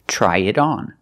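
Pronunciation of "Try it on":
In 'try it on', the t in 'it' sounds like a fast d, between vowels.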